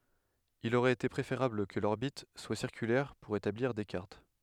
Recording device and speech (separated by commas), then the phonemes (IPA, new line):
headset microphone, read sentence
il oʁɛt ete pʁefeʁabl kə lɔʁbit swa siʁkylɛʁ puʁ etabliʁ de kaʁt